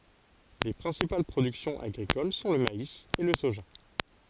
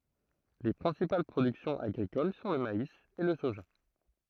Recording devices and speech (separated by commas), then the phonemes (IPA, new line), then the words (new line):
forehead accelerometer, throat microphone, read sentence
le pʁɛ̃sipal pʁodyksjɔ̃z aɡʁikol sɔ̃ lə mais e lə soʒa
Les principales productions agricoles sont le maïs et le soja.